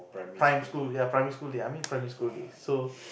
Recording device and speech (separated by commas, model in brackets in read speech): boundary microphone, conversation in the same room